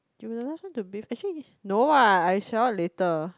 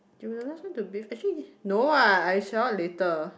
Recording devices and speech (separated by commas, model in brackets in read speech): close-talking microphone, boundary microphone, conversation in the same room